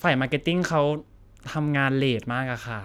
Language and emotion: Thai, frustrated